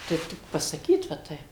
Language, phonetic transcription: Lithuanian, ˈtaip tik pasaˈkyt va ˈtaip

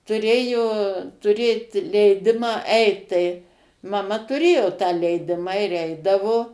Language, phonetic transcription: Lithuanian, tuˈrėjo tuˈrėt leiˈdimą ˈeit tai maˈma tuˈrėjo tą leiˈdimą ir ˈeidavo

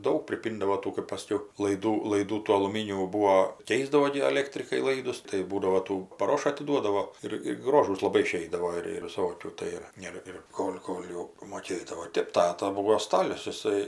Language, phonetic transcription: Lithuanian, ˈdaug priˈpyndavo ˈtų kɜpˈaš saˈkiau laiˈdų laiˈdų tų aluˈmynių ˈbūo ˈkeisdavo gi aˈlėktrikai ˈlaidus tai ˈbūdavo ˈtų paˈroša atiˈduodavo ˈir ir ˈgrožūs laˈbai iˈšeidavo ir ir viˈsokių ˈtai ir ˈir ir ˈkol' ˈkol' jau moˈkėdavo ˈtėp ˈtata ˈbūvo ˈstalius jiˈsai

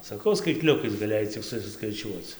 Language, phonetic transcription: Lithuanian, saˈkau skaitˈliukais gaˈlėjai cik susiskaiˈčiuoc

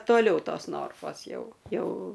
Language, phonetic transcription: Lithuanian, toˈliau ˈtos ˈnorfos ˈjau ˈjau

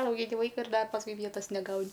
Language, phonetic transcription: Lithuanian, augiˈni ˈvaika ir ˈda pasˈkui ˈvietas neˈgauni

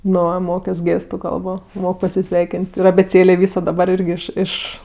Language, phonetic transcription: Lithuanian, ˈnu ˈmokios ˈgėstu ˈkalbo ˈmok pasiˈsveikin't' ir abėˈcėlė ˈvyso daˈbar ˈirgi ˈiš ˈiš

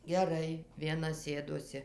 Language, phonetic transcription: Lithuanian, geˈrai vieˈna ˈsėdosi

